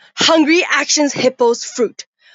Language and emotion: English, angry